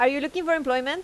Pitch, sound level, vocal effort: 290 Hz, 90 dB SPL, loud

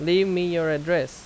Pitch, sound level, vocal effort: 175 Hz, 88 dB SPL, loud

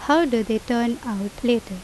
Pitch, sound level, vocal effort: 235 Hz, 82 dB SPL, normal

